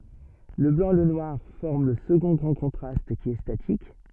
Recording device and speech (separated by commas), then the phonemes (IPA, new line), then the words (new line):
soft in-ear microphone, read sentence
lə blɑ̃ e lə nwaʁ fɔʁm lə səɡɔ̃ ɡʁɑ̃ kɔ̃tʁast ki ɛ statik
Le blanc et le noir forment le second grand contraste, qui est statique.